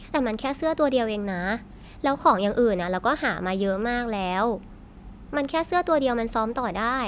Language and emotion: Thai, frustrated